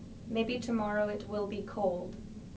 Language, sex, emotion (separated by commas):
English, female, neutral